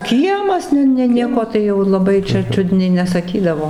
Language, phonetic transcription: Lithuanian, ˈkiemas ˈne ˈne ˈnieko ˈtai jau laˈbai čia ˈčiudniai nesaˈkydavo

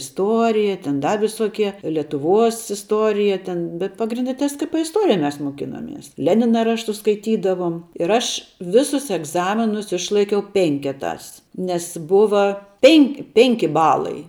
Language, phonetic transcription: Lithuanian, isˈtuorija ten ˈda visoˈkie letuˈvuos isˈtuorija ten bet pagrinˈde tskp isˈtorija mes moˈkinomies ˈlenina ˈraštus skaiˈtydavom ir ˈaš ˈvisus egˈzaminus ˈišlaikiau ˈpenketās nes ˈbuva ˈpen' ˈpenki ˈbalai

